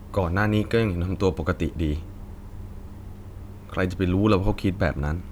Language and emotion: Thai, sad